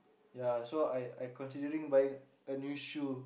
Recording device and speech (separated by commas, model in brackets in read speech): boundary microphone, conversation in the same room